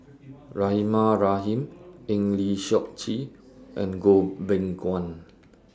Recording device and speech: standing microphone (AKG C214), read sentence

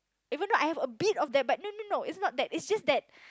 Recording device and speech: close-talking microphone, conversation in the same room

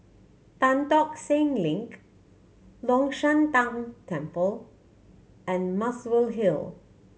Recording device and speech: mobile phone (Samsung C7100), read sentence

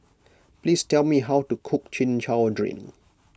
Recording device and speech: close-talking microphone (WH20), read sentence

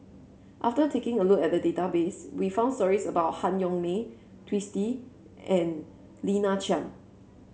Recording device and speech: mobile phone (Samsung C7), read sentence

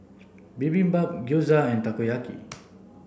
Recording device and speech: boundary microphone (BM630), read sentence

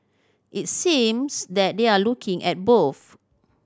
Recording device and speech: standing microphone (AKG C214), read sentence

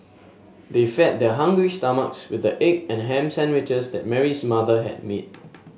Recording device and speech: mobile phone (Samsung S8), read sentence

